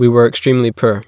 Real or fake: real